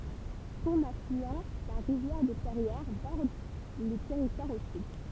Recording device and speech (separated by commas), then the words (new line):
temple vibration pickup, read sentence
Son affluent, la rivière de Perrières, borde le territoire au sud.